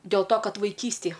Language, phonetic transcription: Lithuanian, dėl to ˈkad vaiˈkystėj

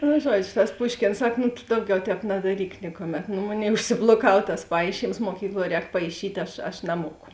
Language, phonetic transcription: Lithuanian, nu ˈžuodžio tas ˈpuškėns ˈsak nu tu ˈdauˌgiau ˈtēp nadaˈryk ˈnikuˌmet no ˈmoˌnėi užsibloˈkav tas ˈpaišyms muoˈkykluo ˈrēk paiˈšyt' ˈaš aš naˈmuoku

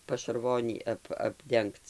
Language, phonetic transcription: Lithuanian, pašarˈvonį ˈap apˈdengc

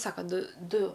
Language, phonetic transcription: Lithuanian, ˈsaka ˈdu ˈdu

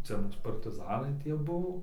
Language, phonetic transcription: Lithuanian, ˈcia ˈmūs partiˈzanai ˈtie ˈbuvo

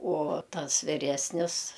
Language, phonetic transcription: Lithuanian, uo ˈtas viˈresnis

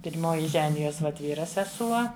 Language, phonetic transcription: Lithuanian, pir'ˈmoji ˈženijos vat ˈvyra seˈsuo

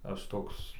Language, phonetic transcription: Lithuanian, ˈaš ˈtoks

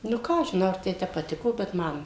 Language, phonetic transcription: Lithuanian, nu ˈką aš žiˈnau ar ˈtai ˈtep paˈtiko bet ˈman

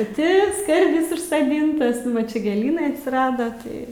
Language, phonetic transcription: Lithuanian, paˈti ˈskardis užsaˈdintas ˈnu va ˈčia gėˈlynai atsiˈrada tai

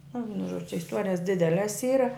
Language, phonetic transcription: Lithuanian, nu ˈvienu žuodž' čia isˈtuorijas ˈdideles ˈyra

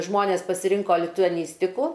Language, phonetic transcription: Lithuanian, ˈžmonės pasiˈrinko lituaˈnystiku

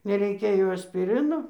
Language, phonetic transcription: Lithuanian, nereiˈkia jau aspiˈrino

